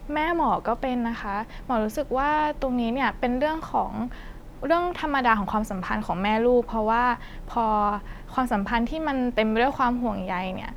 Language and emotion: Thai, neutral